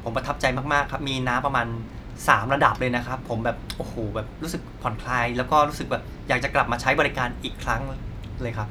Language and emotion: Thai, happy